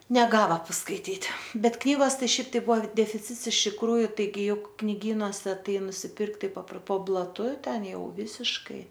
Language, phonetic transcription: Lithuanian, neˈgava paskaiˈtyt' ˈbet ˈknygos ˈtai ˈšiaip tai ˈbuvo defiˈcits iš tikˈrųju taiˈgi ˈjuk kniˈgynuose ˈtai nusiˈpirkt ˈtai papr po blaˈtu ˈten ˈjau ˈvisiškai

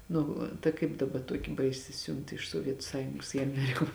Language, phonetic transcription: Lithuanian, ˈnu ta ˈkaip daˈba ˈtuoki ˈbaisi ˈsiunt iš suoˈvietu ˈsąjungos i aˈmeriko

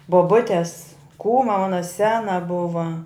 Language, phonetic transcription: Lithuanian, boˈbutes ˈkūma ˈmana ˈsena ˈbuva

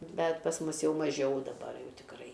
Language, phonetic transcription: Lithuanian, ˈbet pas ˈmus ˈjau maˈžiau daˈbar ˈjau tikˈrai

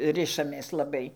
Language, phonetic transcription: Lithuanian, ˈrišamės laˈbai

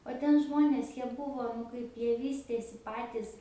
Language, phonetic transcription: Lithuanian, o ˈten ˈžmonės ˈjie ˈbuvo nu ˈkaip ˈjie ˈvystėsi ˈpatys

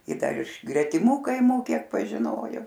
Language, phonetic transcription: Lithuanian, i ˈdar iš gretiˈmu kaiˈmų ˈkiek pažiˈnojo

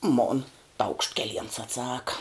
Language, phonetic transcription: Lithuanian, mon taukšt keˈliens atˈsaka

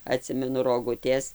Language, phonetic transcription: Lithuanian, aˈtsimenu roˈgutės

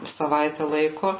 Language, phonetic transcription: Lithuanian, saˈvaitę ˈlaiku

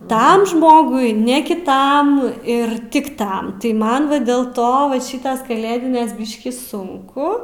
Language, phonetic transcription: Lithuanian, ˈtam ˈžmogui ne kiˈtam ir ˈtik ˈtam tai ˈman va dėl ˈto va ˈšytas kaˈlėdinės ˈbiškį ˈsunku

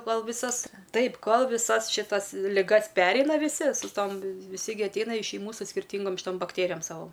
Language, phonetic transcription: Lithuanian, ˈkol viˈsas ˈtaip ˈkol viˈsas šiˈtas liˈgas ˈpereina viˈsi su ˈtom viˈsi gi atˈeina iš šeiˈmų su skirˈtyngom šiˈtom bakˈtėrijom ˈsavo

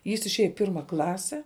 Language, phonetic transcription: Lithuanian, jis išˈėja i ˈpirma ˈklase

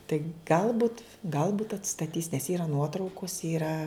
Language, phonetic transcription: Lithuanian, tai ˈgalbut ˈgalbut atstaˈtys nes ˈyra ˈnuotraukos ˈyra

